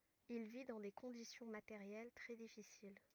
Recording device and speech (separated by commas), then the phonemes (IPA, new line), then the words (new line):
rigid in-ear microphone, read sentence
il vi dɑ̃ de kɔ̃disjɔ̃ mateʁjɛl tʁɛ difisil
Il vit dans des conditions matérielles très difficiles.